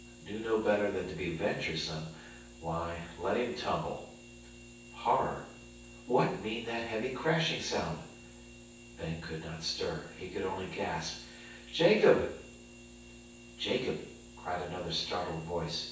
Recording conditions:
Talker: one person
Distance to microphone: 9.8 m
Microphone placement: far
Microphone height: 1.8 m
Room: large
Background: none

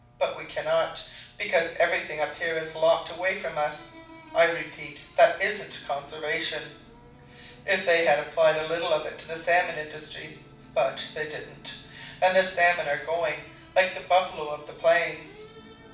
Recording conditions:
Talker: one person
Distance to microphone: 5.8 m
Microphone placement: far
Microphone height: 1.8 m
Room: medium-sized (5.7 m by 4.0 m)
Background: television

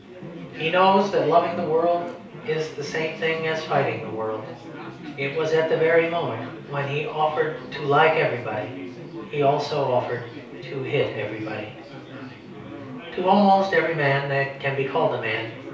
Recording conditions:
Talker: one person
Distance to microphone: 3.0 m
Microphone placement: far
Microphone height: 1.8 m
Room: small (3.7 m by 2.7 m)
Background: babble

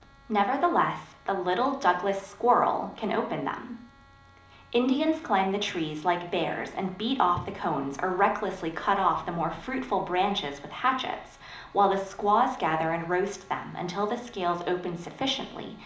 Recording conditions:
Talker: one person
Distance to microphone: 2.0 m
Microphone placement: close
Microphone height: 99 cm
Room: medium-sized (5.7 m by 4.0 m)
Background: none

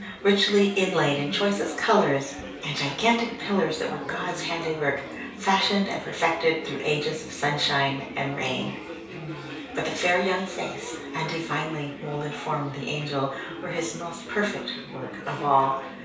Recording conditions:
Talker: one person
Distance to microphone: 3.0 m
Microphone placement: far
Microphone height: 1.8 m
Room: small (3.7 m by 2.7 m)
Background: babble

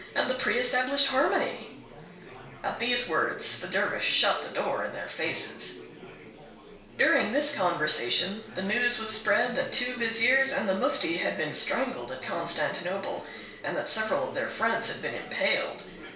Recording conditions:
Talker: one person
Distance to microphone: 1.0 m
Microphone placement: close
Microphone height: 1.1 m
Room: small (3.7 m by 2.7 m)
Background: babble

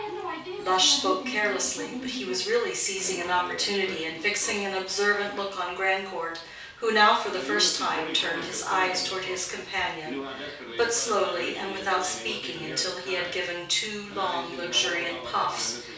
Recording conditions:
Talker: one person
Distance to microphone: 3.0 m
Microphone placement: far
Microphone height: 1.8 m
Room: small (3.7 m by 2.7 m)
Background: television

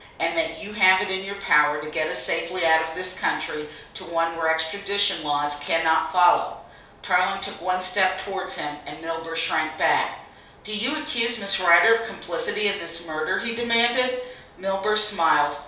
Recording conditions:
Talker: one person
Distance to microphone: 3.0 m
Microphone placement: far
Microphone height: 1.8 m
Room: small (3.7 m by 2.7 m)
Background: none

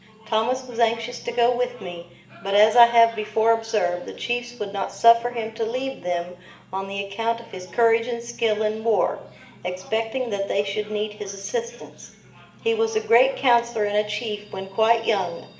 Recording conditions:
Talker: one person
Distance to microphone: 1.8 m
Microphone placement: close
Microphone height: 1.0 m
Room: large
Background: television

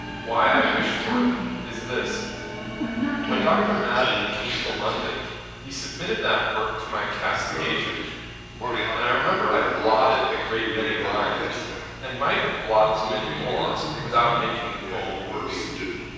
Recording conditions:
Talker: one person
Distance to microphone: 7.1 m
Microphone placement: far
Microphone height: 1.7 m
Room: very reverberant, large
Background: television

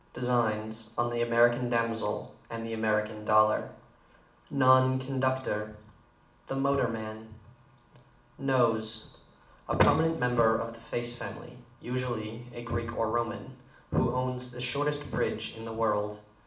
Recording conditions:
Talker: one person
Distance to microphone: 2.0 m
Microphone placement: close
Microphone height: 99 cm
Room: medium-sized (5.7 m by 4.0 m)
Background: none

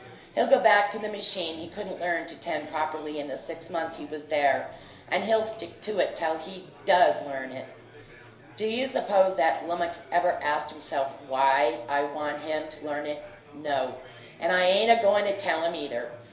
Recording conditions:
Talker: one person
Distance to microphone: 1.0 m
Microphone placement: close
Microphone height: 1.1 m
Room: small (3.7 m by 2.7 m)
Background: babble

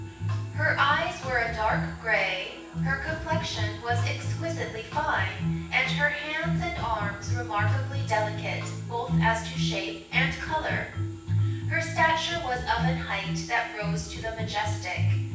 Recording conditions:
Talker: one person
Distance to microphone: 9.8 m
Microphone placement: far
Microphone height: 1.8 m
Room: large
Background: music

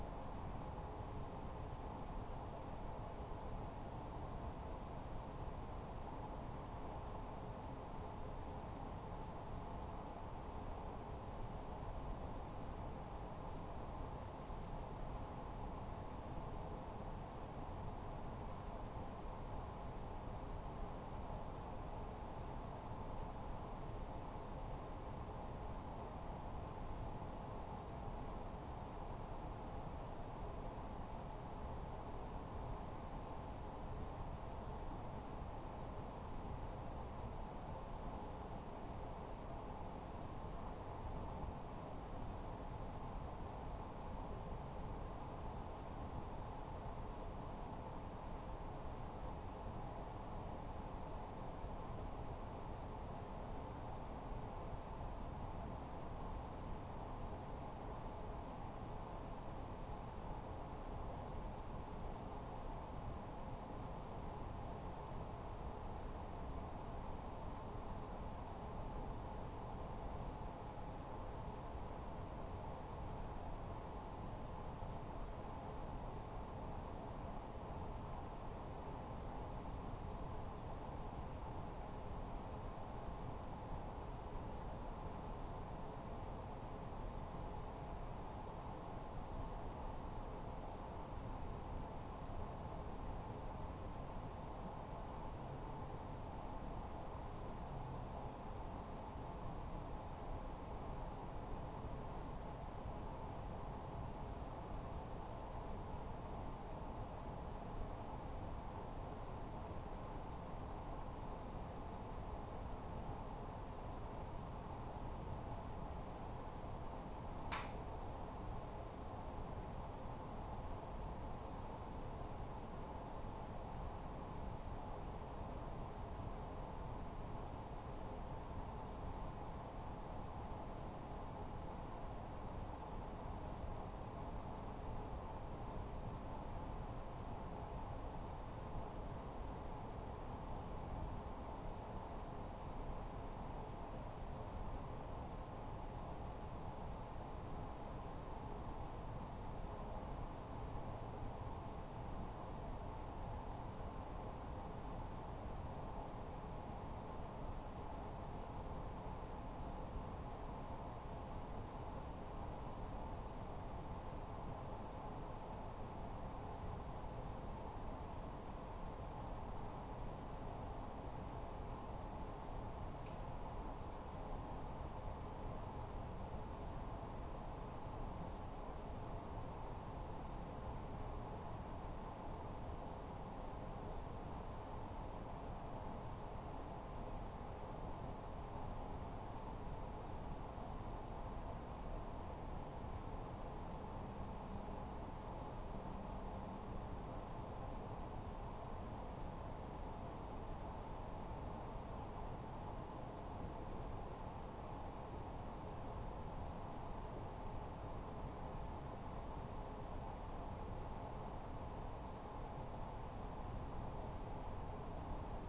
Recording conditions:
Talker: no one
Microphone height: 2.7 m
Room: small (3.7 m by 2.7 m)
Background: none

